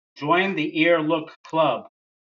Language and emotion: English, disgusted